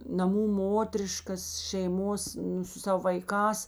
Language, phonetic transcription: Lithuanian, naˈmų ˈmotriškas šeiˈmos ˈnu su ˈsavo vaiˈkās

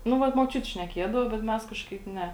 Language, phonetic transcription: Lithuanian, ˈnu ˈvat moˈčiuti šneˈkėdavo bet ˈmes ˈkažkaip ˈne

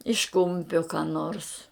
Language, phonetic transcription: Lithuanian, iš ˈkumpio ką nors

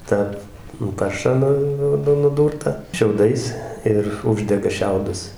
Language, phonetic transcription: Lithuanian, ˈtą nu ˈparšą ˈnu ˈnu nuˈdūrtą šiauˈdais ir ˈuždega ˈšiaudus

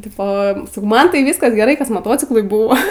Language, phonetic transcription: Lithuanian, ˈtipo saˈkau ˈman tai ˈvyskas geˈrai kas moˈtociklui ˈbūvo

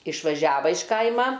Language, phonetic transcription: Lithuanian, išvaˈžiava iš ˈkaima

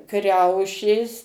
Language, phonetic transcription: Lithuanian, ˈkriaušės

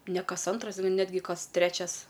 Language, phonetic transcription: Lithuanian, ne ˈkas ˈantras ˈnetgi ˈkas ˈtrečias

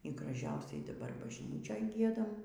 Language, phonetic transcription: Lithuanian, y graˈžiausiai daˈbar bažˈnyčioj ˈgiedam

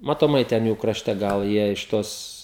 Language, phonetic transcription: Lithuanian, matoˈmai ˈten ˈjų kraˈšte ˈgal ˈjie iš ˈtos

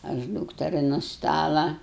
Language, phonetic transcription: Lithuanian, aš ˈdūkteri nu ˈstala

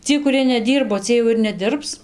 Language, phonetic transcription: Lithuanian, ˈciej kuˈrie neˈdyrbo ˈciej jau ir neˈdirbs

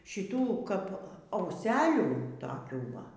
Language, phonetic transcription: Lithuanian, šiˈtų ˈkap auˈselių toˈkių ˈva

